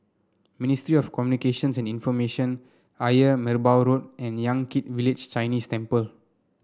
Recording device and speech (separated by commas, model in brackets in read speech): standing microphone (AKG C214), read sentence